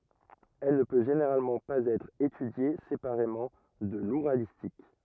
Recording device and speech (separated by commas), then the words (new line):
rigid in-ear microphone, read sentence
Elle ne peut généralement pas être étudiée séparément de l'ouralistique.